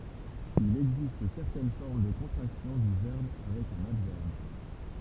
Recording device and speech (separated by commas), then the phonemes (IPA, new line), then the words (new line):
temple vibration pickup, read sentence
il ɛɡzist sɛʁtɛn fɔʁm də kɔ̃tʁaksjɔ̃ dy vɛʁb avɛk œ̃n advɛʁb
Il existe certaines formes de contractions du verbe avec un adverbe.